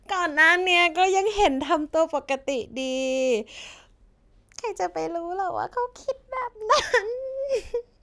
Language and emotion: Thai, happy